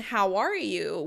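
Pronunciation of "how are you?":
In 'how are you?' the voice rises in the middle of the question. It is said in a neutral tone, as a simple inquiry.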